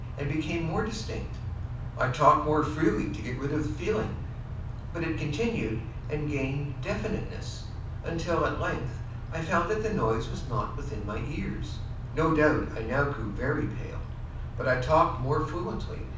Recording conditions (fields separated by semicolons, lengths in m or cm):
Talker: one person; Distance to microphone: 5.8 m; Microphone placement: far; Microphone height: 1.8 m; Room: medium-sized (5.7 m by 4.0 m); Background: none